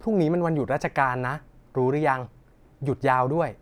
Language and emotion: Thai, neutral